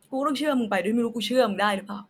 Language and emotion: Thai, sad